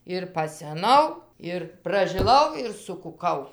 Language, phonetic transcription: Lithuanian, ir paseˈnau ir pražiˈlau ir sukuˈkau

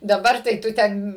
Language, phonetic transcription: Lithuanian, daˈbar tai ˈtu ˈten

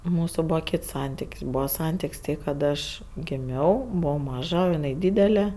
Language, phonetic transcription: Lithuanian, ˈmūsu ˈbūva ˈkyts ˈsantik's' ˈbūva ˈsantik's' ˈtai ˈkad aš giˈmiau ˈbuvau ˈmaža o iˈnai ˈdydele

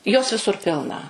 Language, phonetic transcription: Lithuanian, jos viˈsur ˈpilna

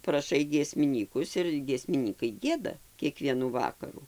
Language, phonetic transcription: Lithuanian, praˈšai giesmiˈnykus ir giesmiˈnykai ˈgieda kieˈkvienų ˈvakaru

